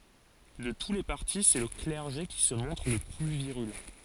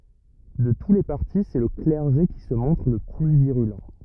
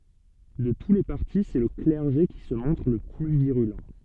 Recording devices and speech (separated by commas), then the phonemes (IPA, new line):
forehead accelerometer, rigid in-ear microphone, soft in-ear microphone, read sentence
də tu le paʁti sɛ lə klɛʁʒe ki sə mɔ̃tʁ lə ply viʁylɑ̃